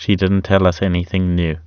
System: none